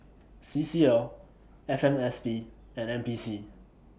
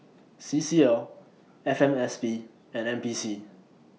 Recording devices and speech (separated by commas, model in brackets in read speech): boundary microphone (BM630), mobile phone (iPhone 6), read sentence